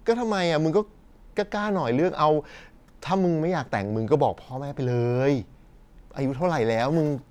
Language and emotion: Thai, frustrated